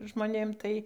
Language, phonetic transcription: Lithuanian, žmoˈnėm ˈtai

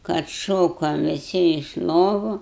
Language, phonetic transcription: Lithuanian, kad ˈšokom viˈsi iš ˈlovu

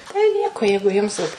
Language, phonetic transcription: Lithuanian, tai ˈnieko ˈjeigu jums ˈvat

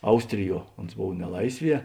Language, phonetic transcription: Lithuanian, ˈaustriˌjuo ons ˈbov neˈlaisˌvie

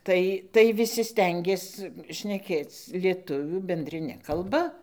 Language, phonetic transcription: Lithuanian, ˈtai tai viˈsi ˈstengės šneˈkėc lieˈtuvių bendriˈne kalˈba

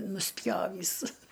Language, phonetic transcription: Lithuanian, nusˈpjovįs

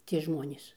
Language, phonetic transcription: Lithuanian, tie ˈžmonės

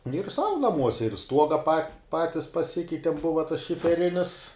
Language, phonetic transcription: Lithuanian, nu juk ˈsau naˈmuose ir ˈstuoga pa ˈpatis paˈsikeitim ˈbuva tas šifeˈrinis

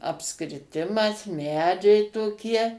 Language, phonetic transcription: Lithuanian, apskriˈtimas ˈmedžiai toˈkie

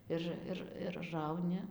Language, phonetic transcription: Lithuanian, ˈir ˈir ir ˈrauni

